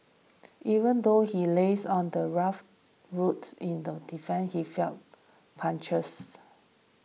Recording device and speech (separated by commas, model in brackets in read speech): mobile phone (iPhone 6), read sentence